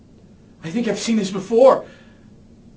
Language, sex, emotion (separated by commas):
English, male, fearful